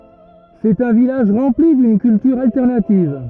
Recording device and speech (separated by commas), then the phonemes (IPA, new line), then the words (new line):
rigid in-ear microphone, read sentence
sɛt œ̃ vilaʒ ʁɑ̃pli dyn kyltyʁ altɛʁnativ
C'est un village rempli d'une culture alternative.